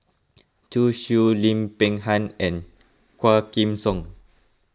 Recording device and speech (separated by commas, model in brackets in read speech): close-talking microphone (WH20), read sentence